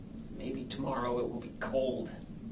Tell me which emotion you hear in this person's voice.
sad